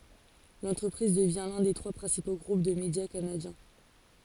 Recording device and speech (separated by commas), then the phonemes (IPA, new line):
forehead accelerometer, read sentence
lɑ̃tʁəpʁiz dəvjɛ̃ lœ̃ de tʁwa pʁɛ̃sipo ɡʁup də medja kanadjɛ̃